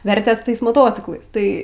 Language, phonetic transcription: Lithuanian, ˈvertės ˈtais moˈtociklais ˈtai

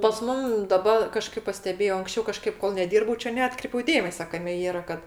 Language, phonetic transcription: Lithuanian, pas ˈmum daˈba kaˈžkaip paˈstebėjo anksˈčiau kaˈžkaip kol neˈdyrbau ˈčia neˈatkreipiau ˈdėmese ˈkame ˈyra ˈkad

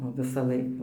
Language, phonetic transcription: Lithuanian, o visaˈlaik

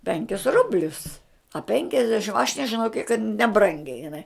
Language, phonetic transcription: Lithuanian, ˈpenkis ˈrublius a ˈpenkiasdešim aš nežiˈnau kiek kad neˈbrangiai jiˈnai

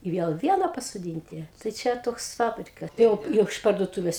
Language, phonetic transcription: Lithuanian, i ˈviel ˈviena pasoˈdynti tai ˈčia ˈtoks ˈfabrika ˈjau ˈjau iš parduoˈtūves

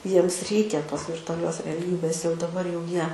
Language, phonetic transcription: Lithuanian, ˈjiems ˈreikia ˈtos virtuaˈlios reˈlybės jau daˈbar jau ˈjie

